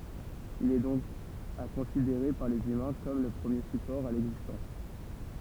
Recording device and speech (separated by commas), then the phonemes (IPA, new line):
temple vibration pickup, read sentence
il ɛ dɔ̃k a kɔ̃sideʁe paʁ lez ymɛ̃ kɔm lə pʁəmje sypɔʁ a lɛɡzistɑ̃s